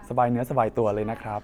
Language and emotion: Thai, happy